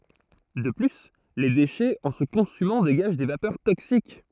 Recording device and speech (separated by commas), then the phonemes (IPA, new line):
throat microphone, read sentence
də ply le deʃɛz ɑ̃ sə kɔ̃symɑ̃ deɡaʒ de vapœʁ toksik